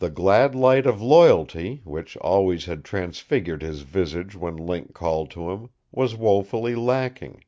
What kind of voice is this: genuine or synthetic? genuine